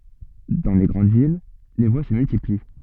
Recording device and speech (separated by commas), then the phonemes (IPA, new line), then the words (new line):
soft in-ear microphone, read sentence
dɑ̃ le ɡʁɑ̃d vil le vwa sə myltipli
Dans les grandes villes, les voies se multiplient.